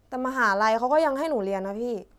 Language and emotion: Thai, neutral